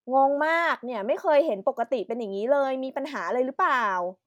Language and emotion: Thai, frustrated